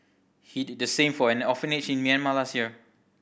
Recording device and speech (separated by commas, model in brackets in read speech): boundary microphone (BM630), read sentence